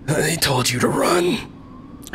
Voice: Raspy